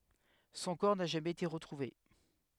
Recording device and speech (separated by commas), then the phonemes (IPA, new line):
headset microphone, read sentence
sɔ̃ kɔʁ na ʒamɛz ete ʁətʁuve